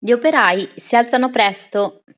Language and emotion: Italian, neutral